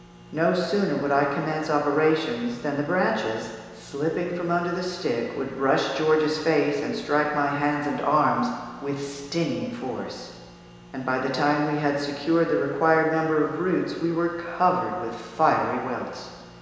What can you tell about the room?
A big, very reverberant room.